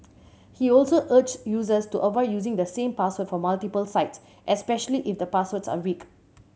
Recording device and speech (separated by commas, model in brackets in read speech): mobile phone (Samsung C7100), read sentence